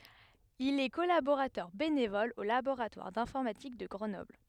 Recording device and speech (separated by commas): headset microphone, read sentence